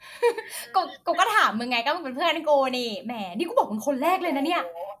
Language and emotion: Thai, happy